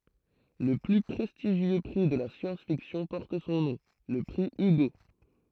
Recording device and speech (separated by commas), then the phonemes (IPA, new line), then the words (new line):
throat microphone, read sentence
lə ply pʁɛstiʒjø pʁi də la sjɑ̃s fiksjɔ̃ pɔʁt sɔ̃ nɔ̃ lə pʁi yɡo
Le plus prestigieux prix de la science-fiction porte son nom, le prix Hugo.